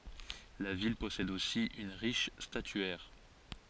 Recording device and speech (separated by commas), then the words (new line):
forehead accelerometer, read sentence
La ville possède aussi une riche statuaire.